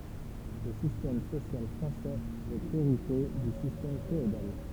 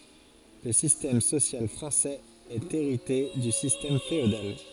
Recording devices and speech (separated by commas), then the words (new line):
temple vibration pickup, forehead accelerometer, read sentence
Le système social français est hérité du système féodal.